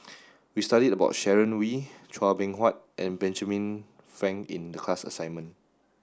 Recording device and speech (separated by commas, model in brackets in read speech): standing microphone (AKG C214), read sentence